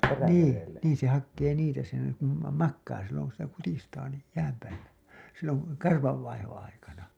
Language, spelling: Finnish, niin niin se hakee niitä se kuulemma makaa silloin kun sitä kutistaa niin jään päällä silloin karvan vaihdon aikana
- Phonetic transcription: nii , nii se hakkee 'niitä se , kuulem̀a 'makkaa silloŋ ku sitä 'kutistaa ni , 'jääm pääl̆lä , silloŋ , "karvav 'vaihoo̰ 'aikana .

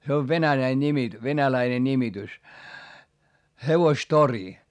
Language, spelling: Finnish, se on venäläinen nimi venäläinen nimitys hevostori
- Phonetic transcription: se ov venäläi ńimi , venäläine ńimitys , hevostori .

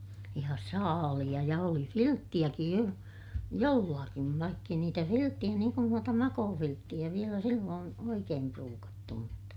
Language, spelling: Finnish, ja saaleja ja oli vilttejäkin jo jollakin vaikka ei niitä vilttejä niin kuin noita makuuvilttejä vielä silloin oikein pruukattu mutta
- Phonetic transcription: ja saaliʲa ja oli filttiʲäkij jo , jollakiv vaikk ‿ei niitä filttiʲä - niiŋ kun nuota makoofilttiʲä - vielä silloon , oikeem pruukattu mutta , .

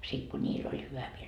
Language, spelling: Finnish, sitten kun niillä oli hyvä mieli
- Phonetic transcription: sit ku "ńiil ‿oĺ 'hyvä mieĺ .

